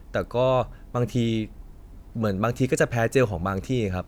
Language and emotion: Thai, neutral